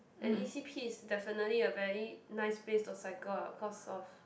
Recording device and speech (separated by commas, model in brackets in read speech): boundary microphone, conversation in the same room